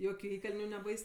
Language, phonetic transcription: Lithuanian, ˈjokiu ˈįkalniu neˈbais

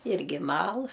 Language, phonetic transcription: Lithuanian, ˈirgi ˈmal

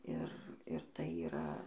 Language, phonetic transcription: Lithuanian, ˈir ir tai yˈra

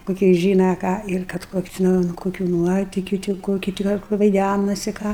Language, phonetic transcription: Lithuanian, koˈkie ˈžyna ˈką ir ˈkad ˈkokiu tiˈnai un ˈkokiu ˈnuotikiu ti ˈkokiu ti ˈgal kur vaiˈdænasi ˈką

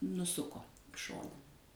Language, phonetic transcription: Lithuanian, nuˈsuko i ˈšona

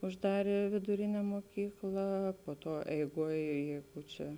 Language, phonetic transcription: Lithuanian, užˈdarė viduˈrine muoˈkykla po ˈtuo eiˈguoj ˈjeigu ˈčia

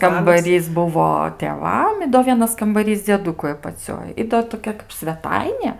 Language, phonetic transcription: Lithuanian, kambaˈrys ˈbuvo tėˈvam i do ˈvienas kambaˈrys dzieˈdukui apaˈcioj ˈi do toˈkia kap sveˈtainė

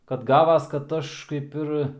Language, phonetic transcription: Lithuanian, kad ˈgavas kad ˈaš kaip ˈir

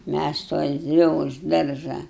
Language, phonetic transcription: Lithuanian, mæs su elˈzi už ˈdaržą

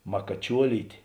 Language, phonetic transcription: Lithuanian, makaˈčiuolytė

